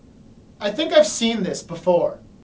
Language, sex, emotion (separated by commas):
English, male, neutral